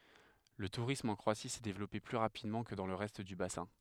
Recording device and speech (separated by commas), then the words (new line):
headset microphone, read sentence
Le tourisme en Croatie s'est développé plus rapidement que dans le reste du bassin.